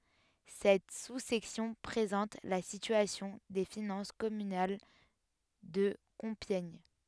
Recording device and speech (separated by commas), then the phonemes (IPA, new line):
headset microphone, read sentence
sɛt su sɛksjɔ̃ pʁezɑ̃t la sityasjɔ̃ de finɑ̃s kɔmynal də kɔ̃pjɛɲ